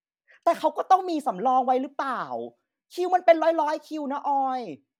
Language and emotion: Thai, angry